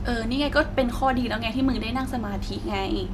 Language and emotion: Thai, neutral